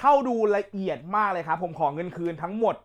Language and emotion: Thai, angry